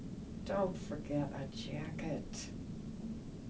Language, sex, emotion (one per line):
English
female
disgusted